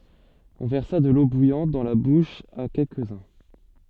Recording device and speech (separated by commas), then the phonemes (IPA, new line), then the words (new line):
soft in-ear microphone, read sentence
ɔ̃ vɛʁsa də lo bujɑ̃t dɑ̃ la buʃ a kɛlkəzœ̃
On versa de l'eau bouillante dans la bouche à quelques-uns.